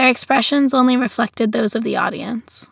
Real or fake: real